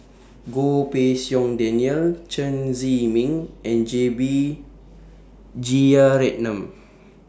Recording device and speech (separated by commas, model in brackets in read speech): standing microphone (AKG C214), read sentence